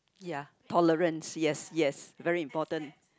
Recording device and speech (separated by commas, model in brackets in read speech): close-talking microphone, conversation in the same room